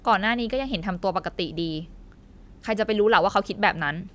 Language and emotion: Thai, angry